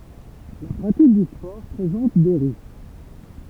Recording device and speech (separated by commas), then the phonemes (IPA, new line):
temple vibration pickup, read sentence
la pʁatik dy spɔʁ pʁezɑ̃t de ʁisk